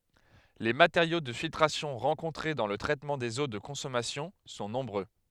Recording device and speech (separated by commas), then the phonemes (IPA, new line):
headset microphone, read sentence
le mateʁjo də filtʁasjɔ̃ ʁɑ̃kɔ̃tʁe dɑ̃ lə tʁɛtmɑ̃ dez o də kɔ̃sɔmasjɔ̃ sɔ̃ nɔ̃bʁø